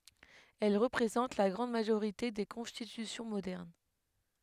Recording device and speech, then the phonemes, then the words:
headset microphone, read sentence
ɛl ʁəpʁezɑ̃t la ɡʁɑ̃d maʒoʁite de kɔ̃stitysjɔ̃ modɛʁn
Elles représentent la grande majorité des constitutions modernes.

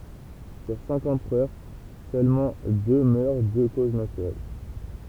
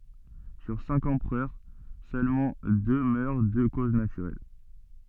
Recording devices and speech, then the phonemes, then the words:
temple vibration pickup, soft in-ear microphone, read sentence
syʁ sɛ̃k ɑ̃pʁœʁ sølmɑ̃ dø mœʁ də koz natyʁɛl
Sur cinq empereurs, seulement deux meurent de cause naturelle.

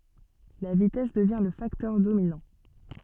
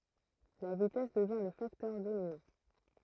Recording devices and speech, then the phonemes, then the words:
soft in-ear microphone, throat microphone, read sentence
la vitɛs dəvjɛ̃ lə faktœʁ dominɑ̃
La vitesse devient le facteur dominant.

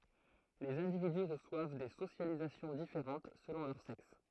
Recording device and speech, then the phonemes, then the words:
throat microphone, read sentence
lez ɛ̃dividy ʁəswav de sosjalizasjɔ̃ difeʁɑ̃t səlɔ̃ lœʁ sɛks
Les individus reçoivent des socialisations différentes selon leur sexe.

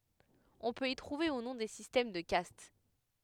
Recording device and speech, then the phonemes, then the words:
headset microphone, read sentence
ɔ̃ pøt i tʁuve u nɔ̃ de sistɛm də kast
On peut y trouver, ou non, des systèmes de castes.

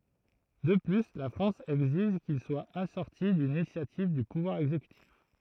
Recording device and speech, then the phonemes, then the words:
throat microphone, read sentence
də ply la fʁɑ̃s ɛɡziʒ kil swa asɔʁti dyn inisjativ dy puvwaʁ ɛɡzekytif
De plus, la France exige qu’il soit assorti d’une initiative du pouvoir exécutif.

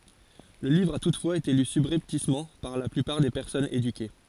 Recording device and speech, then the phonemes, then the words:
forehead accelerometer, read sentence
lə livʁ a tutfwaz ete ly sybʁɛptismɑ̃ paʁ la plypaʁ de pɛʁsɔnz edyke
Le livre a toutefois été lu subrepticement par la plupart des personnes éduquées.

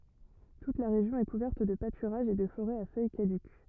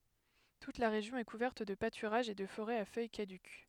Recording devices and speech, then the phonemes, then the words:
rigid in-ear microphone, headset microphone, read sentence
tut la ʁeʒjɔ̃ ɛ kuvɛʁt də patyʁaʒz e də foʁɛz a fœj kadyk
Toute la région est couverte de pâturages et de forêts à feuilles caduques.

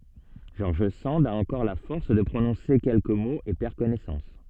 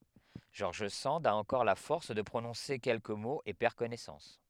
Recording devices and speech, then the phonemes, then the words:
soft in-ear microphone, headset microphone, read sentence
ʒɔʁʒ sɑ̃d a ɑ̃kɔʁ la fɔʁs də pʁonɔ̃se kɛlkə moz e pɛʁ kɔnɛsɑ̃s
George Sand a encore la force de prononcer quelques mots et perd connaissance.

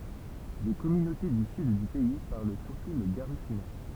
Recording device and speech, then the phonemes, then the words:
temple vibration pickup, read sentence
de kɔmynote dy syd dy pɛi paʁl syʁtu lə ɡaʁifyna
Des communautés du sud du pays parlent surtout le garifuna.

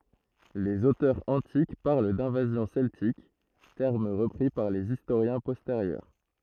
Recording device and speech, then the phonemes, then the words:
throat microphone, read sentence
lez otœʁz ɑ̃tik paʁl dɛ̃vazjɔ̃ sɛltik tɛʁm ʁəpʁi paʁ lez istoʁjɛ̃ pɔsteʁjœʁ
Les auteurs antiques parlent d'invasions celtiques, terme repris par les historiens postérieurs.

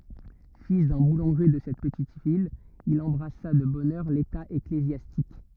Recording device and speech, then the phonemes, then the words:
rigid in-ear microphone, read sentence
fil dœ̃ bulɑ̃ʒe də sɛt pətit vil il ɑ̃bʁasa də bɔn œʁ leta eklezjastik
Fils d'un boulanger de cette petite ville, il embrassa de bonne heure l'état ecclésiastique.

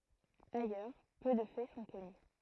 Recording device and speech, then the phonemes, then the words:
throat microphone, read sentence
ajœʁ pø də fɛ sɔ̃ kɔny
Ailleurs peu de faits sont connus.

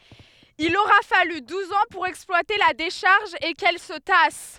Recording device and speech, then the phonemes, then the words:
headset microphone, read sentence
il oʁa faly duz ɑ̃ puʁ ɛksplwate la deʃaʁʒ e kɛl sə tas
Il aura fallu douze ans pour exploiter la décharge et qu'elle se tasse.

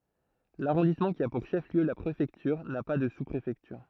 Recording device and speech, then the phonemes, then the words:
throat microphone, read sentence
laʁɔ̃dismɑ̃ ki a puʁ ʃəfliø la pʁefɛktyʁ na pa də suspʁefɛktyʁ
L'arrondissement qui a pour chef-lieu la préfecture n'a pas de sous-préfecture.

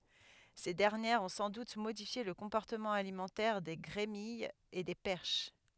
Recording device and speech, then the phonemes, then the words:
headset microphone, read sentence
se dɛʁnjɛʁz ɔ̃ sɑ̃ dut modifje lə kɔ̃pɔʁtəmɑ̃ alimɑ̃tɛʁ de ɡʁemijz e de pɛʁʃ
Ces dernières ont sans doute modifié le comportement alimentaire des grémilles et des perches.

